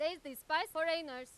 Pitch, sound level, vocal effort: 315 Hz, 102 dB SPL, very loud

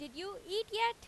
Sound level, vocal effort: 94 dB SPL, loud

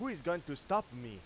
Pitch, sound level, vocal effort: 170 Hz, 98 dB SPL, very loud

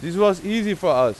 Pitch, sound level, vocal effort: 205 Hz, 97 dB SPL, very loud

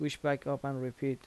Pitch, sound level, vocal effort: 140 Hz, 80 dB SPL, soft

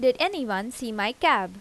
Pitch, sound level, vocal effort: 245 Hz, 87 dB SPL, normal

